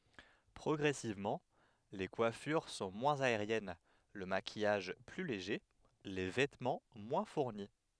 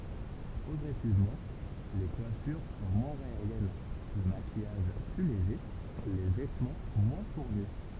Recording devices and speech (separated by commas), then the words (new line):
headset microphone, temple vibration pickup, read sentence
Progressivement, les coiffures sont moins aériennes, le maquillage plus léger, les vêtements moins fournis.